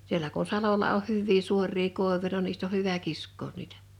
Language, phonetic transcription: Finnish, 'sielä ku(n) 'salola oh 'hyvvii 'suorrii 'kòevuja no niist ‿oh hyvä "kisk̆koon 'niitᴀ̈ .
- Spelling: siellä kun salolla on hyviä suoria koivuja no niistä on hyvä kiskoa niitä

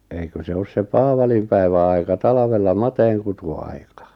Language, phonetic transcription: Finnish, 'eikö se 'os se "paavalimpäivä aika "talᵃvella "mateeŋkutu₍aikᴀ .
- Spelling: eikö se ole se paavalinpäivän aika talvella mateenkutuaika

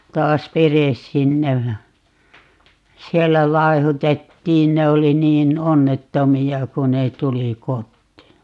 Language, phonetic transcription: Finnish, 'taas "veres 'sinnej ja , 'siellä "laehutettiin - 'ne oli 'niin "onnettomi₍a 'ku ne 'tuli "kottii .
- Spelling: taas veres sinne ja siellä laihdutettiin ne oli niin onnettomia kun ne tuli kotiin

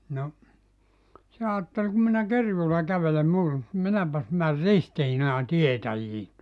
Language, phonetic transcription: Finnish, no , 'se aattel » 'ku minä "kerjuula 'kävelem ('muutoŋki ni) 'minäpäs mär "Ristiinaan "tietäjiin tuota « .
- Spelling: no se ajatteli kun minä kerjuulla kävelen muutoinkin niin minäpäs menen Ristiinaan tietäjiin tuota

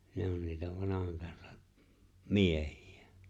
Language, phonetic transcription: Finnish, 'ne on niitä 'vanahaŋ kansᴀᴍ , "miehɪ₍ᴀ̈ .
- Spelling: ne on niitä vanhan kansan miehiä

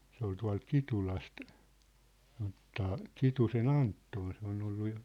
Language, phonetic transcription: Finnish, 'se ‿ol 'tua̭lt "Kitulast , (sanot̳̆t̳aa,) "Kituse"n ‿Anttoon se on ‿ollu jo ,.
- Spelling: se oli tuolta Kitulasta sanotaan Kitusen Anton se on ollut jo

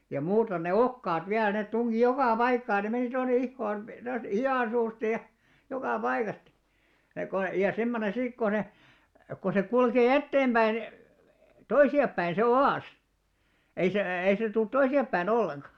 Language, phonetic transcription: Finnish, ja 'muuton ne "okkaat viäl 'nèt 'tuŋɢi "jokà "paikkaa ne meni tonne 'ihhoon , tost 'hi₍àn suusta ja , 'jokà 'paikasta , ja ko , ja semmonen 'siik ko ne , ko se 'kulkè "etteemʙäin , "toisi₍appäin se "o₍às , ei se , ei sè tult 'toisi₍appäi'n ‿olleŋɢa .
- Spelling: ja muuten ne okaat vielä ne tunki joka paikkaan ne meni tuonne ihoon tuosta hihan suusta ja joka paikasta ja kun ja semmoinen siinä kun ne kun se kulkee eteenpäin toisiapäin se oas ei se ei se tule toisinpäin ollenkaan

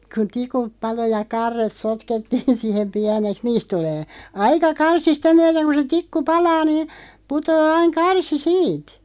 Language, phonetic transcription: Finnish, ku "tikup 'palo ja 'karret 'sotkettiin 'sihem 'piäneks "niist tulee , "aika 'karsi "sitä 'myäðeŋ ku se 'tikku "palaa niin̬ , 'putoo 'aiŋ "karsi "siit .
- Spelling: kun tikut paloi ja karret sotkettiin siihen pieneksi niistä tulee aika karsi sitä myöden kuin se tikku palaa niin putoaa aina karsi siitä

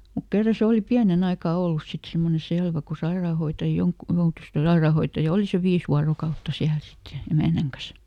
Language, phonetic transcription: Finnish, mut "kerra ˈse ˈòli "piäneˈn ‿aikà "ollus sit ˈsemmone "selvä ku ˈsairaahoita- ˈjoŋk- , ˈjoutus , kyl ˈsaeràhoittaja "oli ˈsev "viis vuarokautta ˈsiäl ˈsit ja , "emä̀näŋ kas .
- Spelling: mutta kerran se oli pienen aikaa ollut sitten semmoinen selvä kun - - joutui kyllä sairaanhoitaja oli sen viisi vuorokautta siellä sitten ja emännän kanssa

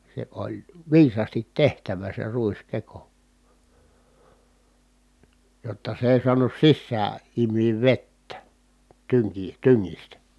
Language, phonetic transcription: Finnish, se oĺ , viisaastit tehtävä se ruiskeko , jotta s ‿ei suanus sissää , im̆miiv vettä , tyŋki- , tyŋŋistä .
- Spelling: se oli viisaasti tehtävä se ruiskeko jotta se ei saanut sisään imeä vettä - tyngistä

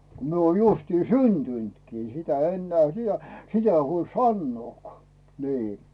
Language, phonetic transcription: Finnish, ko 'mie oon 'justi "syntyntkii sitä ennᵉä̀ siᴰä , 'sitä ‿ei 'huoĺ "sannᵘòkᵒà , 'nii .
- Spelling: kun minä olen justiin syntynytkin sitä enää sitä sitä ei huoli sanoakaan niin

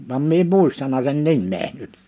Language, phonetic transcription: Finnish, vam 'mie em 'mùistana sen 'nimmee nyt .
- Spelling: vaan minä en muistanut sen nimeä nyt

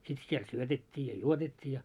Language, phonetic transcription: Finnish, sit siel 'syötet́t́ii ja "juotet́t́ii ja .
- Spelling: sitten siellä syötettiin ja juotettiin ja

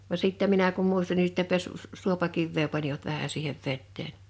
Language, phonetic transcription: Finnish, va 'sìttä 'minä kum 'muistan ni sitte 'pess- s- 'suopakivvee panivat 'vähä siihev 'vetteen .
- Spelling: vaan sitten minä kun muistan niin sitten - - suopakiveä panivat vähän siihen veteen

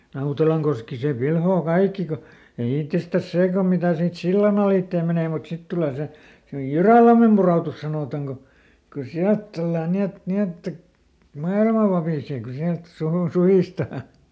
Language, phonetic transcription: Finnish, ˈNautelaŋkoski "se ˈpilhoo ˈkaikki ko , jo ˈittestäs ˈsee kom mitä̀ siit "si llan ‿alìttee ˈmenè mut ˈsit tulè se , "Jyrä̀lammem ˈpuròtus sanòtaŋ ko , ko ˈsiält tullan ˈni et , ˈni että , "mailma ˈvapìsee ku ˈsiält ˈsuhun- , "suhìstaa .
- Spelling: Nautelankoski se pilaa kaikki kun jo itsestään se kun mitä siitä sillan alitse menee mutta sitten tulee se Jyrälammen pudotus sanotaan kun kun sieltä tullaan niin että niin että maailma vapisee kun sieltä - suhistaan

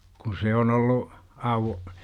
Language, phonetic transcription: Finnish, kun̬ 'se on ollu , auw- , .
- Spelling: kun se on ollut auki

